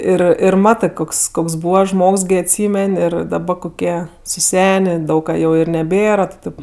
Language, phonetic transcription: Lithuanian, ˈir ir ˈmatɜ ˈkoks ˈkoks ˈbūva ˈžmogs ˈgi atˈsymen' ˈir daˈba koˈkie suˈsenė ˈdaug ka jau i neˈbėra ti ˈtėp

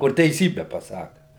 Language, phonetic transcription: Lithuanian, kur teiˈsybe paˈsaka

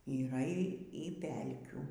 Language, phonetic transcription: Lithuanian, yˈra ˈy ˈy ˈpelkių

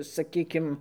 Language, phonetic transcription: Lithuanian, saˈkykim

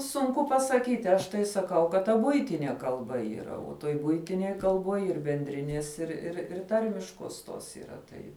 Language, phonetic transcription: Lithuanian, sunˈku pasaˈkyti ˈaš tai saˈkau kad ta ˈbuitinie kalˈba yˈra o toj ˈbuitinėj kalˈbuoj ir benˈdrinies ir ir ir ˈtarmiškuos ˈtos yˈra ˈtai

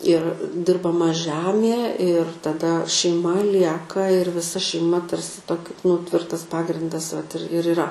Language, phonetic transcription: Lithuanian, ir dirbaˈma ˈžæmie ir taˈda šeiˈma ˈlieka ir viˈsa šeiˈma ˈtarsi ˈtoki nu ˈtvirtas ˈpagrindas vat ir ir iˈra

